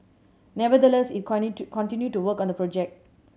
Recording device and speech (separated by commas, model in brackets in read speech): mobile phone (Samsung C7100), read sentence